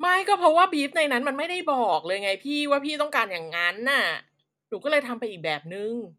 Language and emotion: Thai, angry